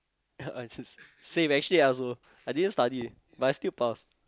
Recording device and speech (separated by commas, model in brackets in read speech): close-talking microphone, conversation in the same room